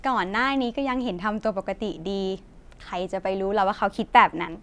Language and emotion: Thai, neutral